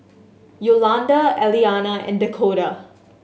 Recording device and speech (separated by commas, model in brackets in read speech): mobile phone (Samsung S8), read sentence